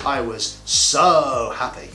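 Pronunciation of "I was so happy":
In 'I was so happy', the word 'so' is stretched out, which gives it emphasis.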